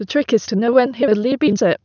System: TTS, waveform concatenation